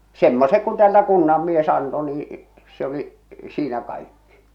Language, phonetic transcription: Finnish, 'semmosek ku tᵉäältä 'kunnam'mies anto nii , se ‿oli , 'siinä kaikkɪ .
- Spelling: semmoiset kun täältä kunnanmies antoi niin se oli siinä kaikki

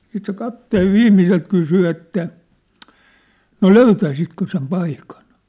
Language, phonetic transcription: Finnish, siit se 'kapteev 'viimmiselt kysy että , » no "löytäisitkö sem 'paikan ? «
- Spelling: sitten se kapteenin viimeiseltä kysyi että no löytäisitkö sen paikan

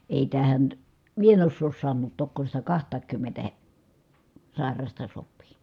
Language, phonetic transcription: Finnish, èi tähän , mie en ossoos sannuut tokko sitä kaht̀aaŋkymmentä he- , sài̮rasta sop̆pii .
- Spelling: ei tähän minä en osaa sanoa tokko sitä kahtakaankymmentä - sairasta sopii

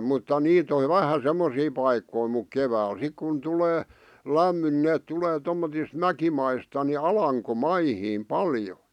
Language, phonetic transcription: Finnish, mutta 'niit ‿ov̆ "vähä 'semmosii paikkoi muk 'kevääl 'sik kun tulee , "lämmyn ⁿⁱ neet tulee tommotis "mäkimaista ni "alaŋko'maihiim "paljo .
- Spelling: mutta niitä on vähän semmoisia paikkoja mutta keväällä sitten kun tulee lämmin niin ne tulee tuommottoon mäkimaista niin alankomaihin paljon

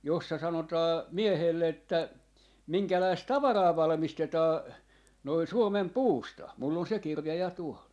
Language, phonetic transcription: Finnish, 'jossa 'sanotaa "miehèlle että , 'miŋkäläist "tavaraa 'valmistetaa , noi "Suomem "puusta , mull ‿on 'se "kirja ja 'tuol .
- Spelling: jossa sanotaan miehelle että minkälaista tavaraa valmistetaan noin Suomen puusta minulla on se kirja ja tuolla

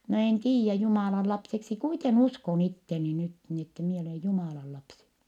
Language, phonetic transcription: Finnish, » no en tiijjä , Jumàlan lapseksi kuiten ‿uskon ‿itteni nyt - ni ette mie olè Jumàla lapsi . »
- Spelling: no en tiedä Jumalan lapseksi kuiten uskon itseni nyt niin että minä olen Jumalan lapsi

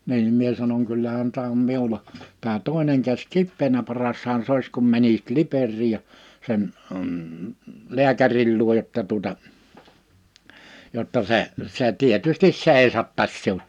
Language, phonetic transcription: Finnish, 'niim mie sanoŋ » 'kyllähän tää om 'miula , tää 'tòḙneŋ käs "kippeenä 'parashaan "s ‿òis kum mänisit "Liperriij ja , 'sen , əm̥ , 'li̬äkäril luoj jotta tuᵒta , jotta 'se , 'se 'tietystis 'sèisattas 'siu(t) « .
- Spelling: niin minä sanon kyllähän tämä on minulla tämä toinen käsi kipeänä parashan se olisi kun menisit Liperiin ja sen - lääkärin luo jotta tuota jotta se se tietysti seisottaisi sinut

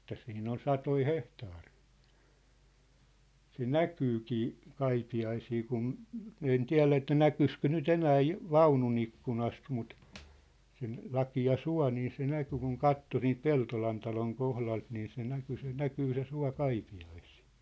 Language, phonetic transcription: Finnish, ᵉt̆tä 'siin ‿on "satoi "hehtaarɪɪ , se "näkyykii , 'Kaipi ‿aisii kun , min ‿en "tiä̭lä että "näkyskö 'ny"t ‿enää ju- , "vaunu'n ‿ikkunast mut , sen , 'laki₍a "sua̭ nii se 'näky kuŋ "katto siint "Peltolan taloŋ 'kohlalt nii se 'näky se 'näkyy se 'sua 'Kaipi₍aisɪɪ .
- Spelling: että siinä on satoja hehtaareja se näkyykin - Kaipiaisiin kun minä en tiedä että näkyisikö nyt enää - vaunun ikkunasta mutta sen lakea suo niin se näkyi kun katsoi siitä Peltolan talon kohdalta niin se näkyi se näkyy se suo Kaipiaisiin

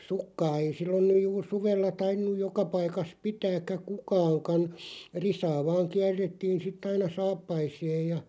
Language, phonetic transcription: Finnish, 'sukkaa ei 'sillon nyj juur "suvella 'tainnuj "joka paikas 'pitääkkä "kukaaŋkan̬ , "risaa vaaŋ 'kiärrettiin sit't ‿aina "saappaise̳e̳§j ja ,.
- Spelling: sukkaa ei silloin nyt juuri suvella tainnut joka paikassa pitääkään kukaankaan risaa vain kierrettiin sitten aina saappaisiin ja

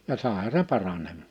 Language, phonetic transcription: Finnish, ja 'sàeha se 'paranem(maa) .
- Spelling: ja saihan se paranemaan

